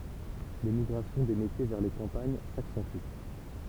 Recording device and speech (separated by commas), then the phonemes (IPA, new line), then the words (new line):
temple vibration pickup, read sentence
lemiɡʁasjɔ̃ de metje vɛʁ le kɑ̃paɲ saksɑ̃ty
L'émigration des métiers vers les campagnes s'accentue.